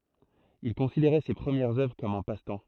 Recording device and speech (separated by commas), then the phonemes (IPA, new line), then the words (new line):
throat microphone, read sentence
il kɔ̃sideʁɛ se pʁəmjɛʁz œvʁ kɔm œ̃ pastɑ̃
Il considérait ses premières œuvres comme un passe-temps.